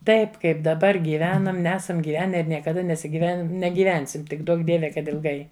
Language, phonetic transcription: Lithuanian, ˈtaip ˈkaip daˈbar gyˈvenam ˈnesam gyˈvene ir niekaˈda nesiˈgiven negyˈvensim ˈtik ˈduok ˈdieve kad ilˈgai

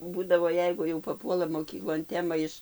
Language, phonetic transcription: Lithuanian, ˈbūdavo ˈjeigu jau paˈpuola moˈkyklon ˈtema iš

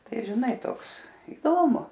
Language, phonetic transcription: Lithuanian, ˈtai žiˈnai ˈtoks iˈdomu

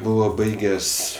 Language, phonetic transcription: Lithuanian, ˈbuvo ˈbaiges'

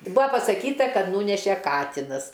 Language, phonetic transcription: Lithuanian, ˈbua pasaˈkyta ˈkad ˈnūneše ˈkatinas

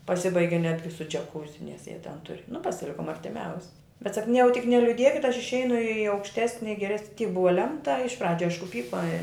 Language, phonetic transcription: Lithuanian, paˈsibaigi ˈnetgi su džiaˈkūzi nes jie ten ˈturi nu pasiˈlikum artiˈmiausi bet ˈsak nu jau tik neliuˈdiekit aš išˈeinu į aukšˈtesni geˈres tyk ˈbuva ˈlemta iš ˈpradžiu ˈaišku ˈpyko i

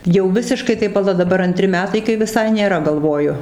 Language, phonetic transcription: Lithuanian, jau ˈvisiškai tai paˈla daˈbar anˈtri ˈmetai kai viˈsai nėˈra galˈvoju

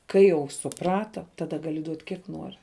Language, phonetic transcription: Lithuanian, ˈkai jau suˈprata ˈtada ˈgali duot' ˈkiek ˈnuori

